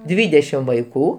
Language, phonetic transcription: Lithuanian, ˈdvydešim vaiˈkų

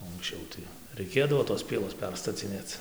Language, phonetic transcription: Lithuanian, o anksˈčiau tai raiˈkėdavo tos ˈpielos ˈperstacinėc

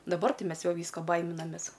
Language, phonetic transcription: Lithuanian, daˈbar ˈti ˈmes ˈjau ˈvysko ˈbaiminamės

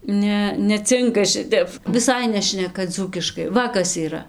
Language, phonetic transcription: Lithuanian, ˈne neˈcinka ˈšitep viˈsai ˈnešneka ˈdzūkiškai ˈva kas yˈra

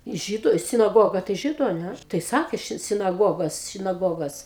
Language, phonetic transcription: Lithuanian, ˈžydu sinaˈgoga tai ˈžydu a ˈnæ tai ˈsakė ˈšit sinaˈgogos sinaˈgogos

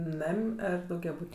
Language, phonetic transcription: Lithuanian, ˈnam' ˈar daugiaˈbūt'

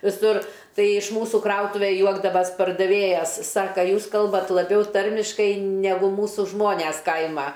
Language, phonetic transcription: Lithuanian, viˈsur ˈtai iš ˈmūsų ˈkrautuve ˈjuokdavas' pardaˈvėjas ˈsaka ˈjūs ˈkalbat laˈbiau ˈtarmiškai neˈgu ˈmūsu ˈžmones ˈkaima

